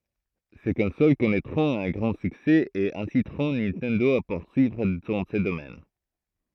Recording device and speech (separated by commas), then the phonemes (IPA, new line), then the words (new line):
throat microphone, read sentence
se kɔ̃sol kɔnɛtʁɔ̃t œ̃ ɡʁɑ̃ syksɛ e ɛ̃sitʁɔ̃ nintɛndo a puʁsyivʁ dɑ̃ sə domɛn
Ces consoles connaîtront un grand succès et inciteront Nintendo à poursuivre dans ce domaine.